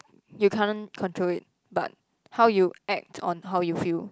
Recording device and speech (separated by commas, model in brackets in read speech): close-talking microphone, conversation in the same room